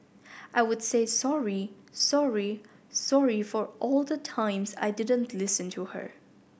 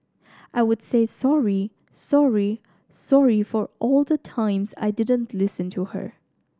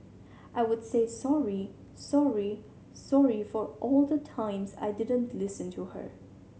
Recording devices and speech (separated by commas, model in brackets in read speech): boundary microphone (BM630), standing microphone (AKG C214), mobile phone (Samsung C7100), read sentence